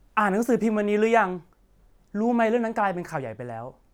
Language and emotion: Thai, neutral